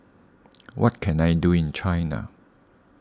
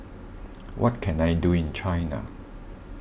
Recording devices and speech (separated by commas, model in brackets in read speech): standing microphone (AKG C214), boundary microphone (BM630), read sentence